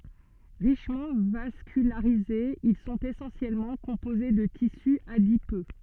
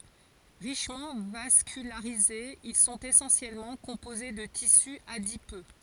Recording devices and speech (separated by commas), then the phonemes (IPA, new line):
soft in-ear microphone, forehead accelerometer, read sentence
ʁiʃmɑ̃ vaskylaʁizez il sɔ̃t esɑ̃sjɛlmɑ̃ kɔ̃poze də tisy adipø